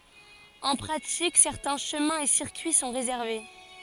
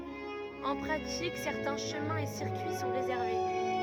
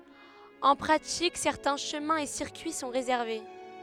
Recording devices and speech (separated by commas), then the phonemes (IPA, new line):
forehead accelerometer, rigid in-ear microphone, headset microphone, read sentence
ɑ̃ pʁatik sɛʁtɛ̃ ʃəmɛ̃ e siʁkyi sɔ̃ ʁezɛʁve